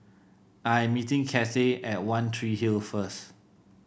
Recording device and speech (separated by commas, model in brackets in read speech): boundary microphone (BM630), read sentence